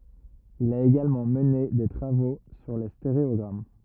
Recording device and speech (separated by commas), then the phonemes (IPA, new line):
rigid in-ear microphone, read sentence
il a eɡalmɑ̃ məne de tʁavo syʁ le steʁeɔɡʁam